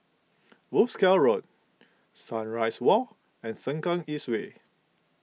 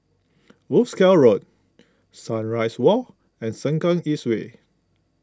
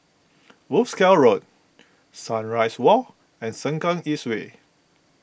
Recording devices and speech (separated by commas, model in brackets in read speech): mobile phone (iPhone 6), close-talking microphone (WH20), boundary microphone (BM630), read sentence